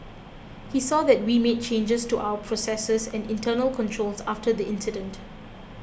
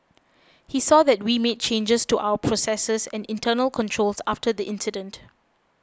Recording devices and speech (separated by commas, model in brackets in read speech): boundary microphone (BM630), close-talking microphone (WH20), read sentence